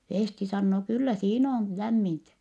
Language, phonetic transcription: Finnish, Fèsti sannoo » kyllä siin ‿oon , lämmintä . »
- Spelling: Festi sanoo kyllä siinä on lämmintä

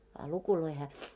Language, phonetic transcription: Finnish, a 'lukuloi hää ,.
- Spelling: a lukuja hän

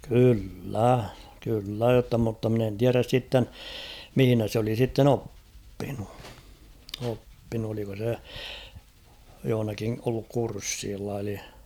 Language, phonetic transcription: Finnish, kyl'lä ; kyl'lä jotta mutta mᵎn ‿en 'tiäräs sitten , 'mihⁱnä s ‿oli sitten "oppinu , oppinu oliko se , johᵒnaki olluk 'kurssiilla eli .
- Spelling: kyllä kyllä jotta mutta minä en tiedä sitten missä se oli sitten oppinut oppinut oliko se jossakin ollut kurssilla eli

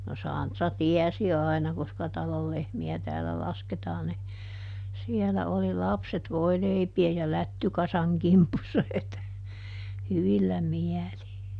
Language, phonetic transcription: Finnish, no "Sàntra "tiɛsi ˈàina koska ˈtalol ˈlehmi₍ä täälä ˈlasketaan ni , ˈsielä oli "lapset ˈvoileipi₍ej ja "lättykasaŋ ˈkimpussa het , ˈhyvillä "miäli .
- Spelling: no Santra tiesi aina koska talon lehmiä täällä lasketaan niin siellä oli lapset voileipien ja lättykasan kimpussa heti hyvillä mielin

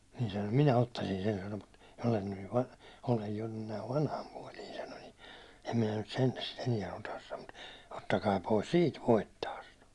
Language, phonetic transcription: Finnish, niin se (sano) » "minä ottasin sen « sano mut , » olen nyj jo vanh- , olej jo nyn näiv "vanham' puåli « sano ni , » em minä nut 'sentä sit 'eniɛ otas « sano ᴍᴜt , » 'ottakaa pois "siit 'voittaa « sano .
- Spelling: niin se sanoi minä ottaisin sen sanoi mutta olen nyt jo - olen jo nyt näin vanhan puoli sanoi niin en minä nyt sentään sitä enää ota sanoi mutta ottakaa pois siitä voittaa sanoi

